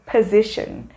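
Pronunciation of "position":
'Position' is pronounced correctly here.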